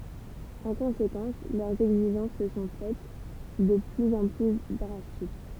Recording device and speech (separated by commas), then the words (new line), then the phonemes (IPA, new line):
temple vibration pickup, read sentence
En conséquence, leurs exigences se sont faites de plus en plus drastiques.
ɑ̃ kɔ̃sekɑ̃s lœʁz ɛɡziʒɑ̃s sə sɔ̃ fɛt də plyz ɑ̃ ply dʁastik